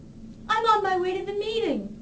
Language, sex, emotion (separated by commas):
English, female, happy